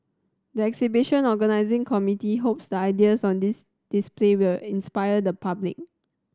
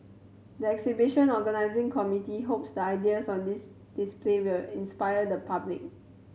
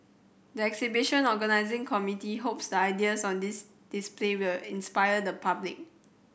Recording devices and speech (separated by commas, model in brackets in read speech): standing microphone (AKG C214), mobile phone (Samsung C7100), boundary microphone (BM630), read sentence